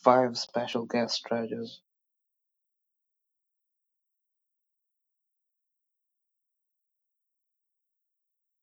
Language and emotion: English, angry